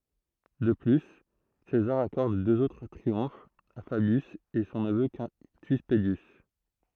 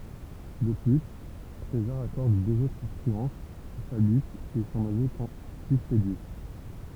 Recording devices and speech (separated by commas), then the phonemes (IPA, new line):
throat microphone, temple vibration pickup, read sentence
də ply sezaʁ akɔʁd døz otʁ tʁiɔ̃fz a fabjys e sɔ̃ nəvø kɛ̃ty pədjys